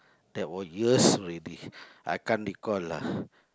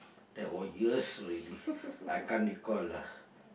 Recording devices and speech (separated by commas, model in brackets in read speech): close-talking microphone, boundary microphone, conversation in the same room